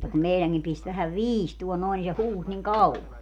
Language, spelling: Finnish, mutta kun meidänkin pisti vähän viistoon noin niin se huusi niin kauan
- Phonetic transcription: [mut]ta kum 'meiläŋkim 'pist vähäv "viistuo noin ni se 'huus niŋ "kau₍a .

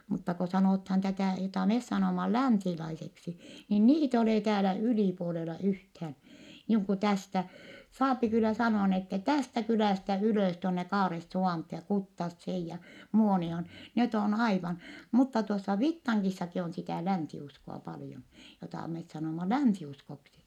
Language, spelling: Finnish, mutta kun sanotaan tätä jota me sanomme länsilaiseksi niin niitä ei ole täällä ylipuolella yhtään niin kuin tästä saa kyllä sanoa niin että tästä kylästä ylös tuonne Kaaresuvantoon ja Kuttaseen ja Muonioon ne on aivan mutta tuossa Vittangissakin on sitä länsiuskoa paljon jota me sanomme länsiuskoksi
- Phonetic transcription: mutta ko sanòthaan tätä̀ jotà mes sanòma lä̀nsilaiseksi , niin niit ‿e olè täälä ylìpuolela yhthään̬ , niiŋ ku tästä , saapi kyl̆lä sanoa n ‿ettɛ tästä kylä̀stä ylö̀s tuonne Kaaressuvànthoo ja Kuttasseej ja , Muoni₍oon , net ‿on aivan , mutta tuossa Vittaŋkissaki on sitä̀ länsi₍usko₍a paljon , jotà met sanòma länsi₍uskoksi .

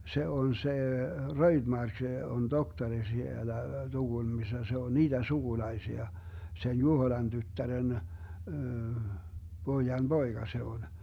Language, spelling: Finnish, se on se Röjdmark on tohtori siellä Tukholmassa se on niiden sukulaisia sen Juhoilan tyttären pojan poika se on
- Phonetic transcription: 'se on 'se , "RöiDmark on "doktari 'sielä , 'TuGulmissa se on "niiDen 'suGulaisia , sen "Juhoⁱlan 'tyttären , 'Boijan "BoiGa 'se on .

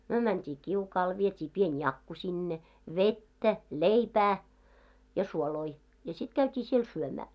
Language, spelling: Finnish, me mentiin kiukaalle vietiin pieni jakku sinne vettä leipää ja suoloja ja sitten käytiin siellä syömään
- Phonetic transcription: myö mänt́ii "kiukaal , viet́ii 'pien "jakku sinne , "vettä , "leipää , ja "suoloi , ja 'sit käyt́ii siel "syömää .

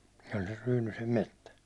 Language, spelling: Finnish, se oli sen Ryynysen metsä
- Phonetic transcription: se oĺ ser 'Ryynysem "mettä .

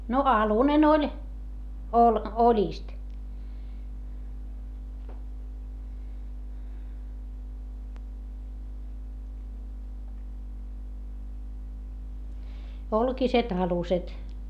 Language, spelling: Finnish, no alunen oli - oljista olkiset aluset
- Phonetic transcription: no alunen ‿oĺ , ol- , oĺìst , olkiset aluset .

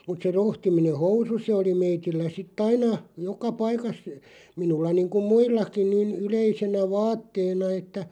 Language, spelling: Finnish, mutta se rohtiminen housu se oli meillä sitten aina joka paikassa minulla niin kuin muillakin niin yleisenä vaatteena että
- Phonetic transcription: mut se 'rohtimine "housu 'se oli 'meitillä sit"t ‿aina , 'joka "paikas , 'minulla niiŋkuᵐ "muillakiⁿ niin 'yleisenä "vaatteena että ,.

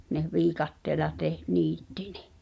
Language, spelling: Finnish, ne viikatteella - niitti ne
- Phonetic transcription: ne "viikatteela teh- , 'niittɪ ɴᴇ .

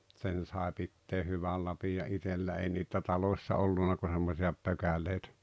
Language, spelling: Finnish, sen sai pitää hyvä lapion itsellä ei niitä taloissa ollut kuin semmoisia pökäleitä
- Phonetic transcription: 'tsen sae 'pittee "hyväl lapija "’itellä ei niit̀ä "taloⁱssa 'olluna ku semmosi₍a 'pökäleitᴀ̈ .

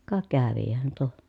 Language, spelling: Finnish, ka kävihän tuo
- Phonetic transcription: ka kävihän tuo .

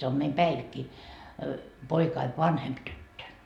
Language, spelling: Finnish, se on meidän Päivikki poikani vanhempi tyttö
- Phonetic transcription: se om meim 'Päivikki , 'poikaiv "vanhemp 'tyttö .

